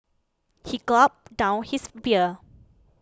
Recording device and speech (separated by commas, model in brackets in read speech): close-talking microphone (WH20), read sentence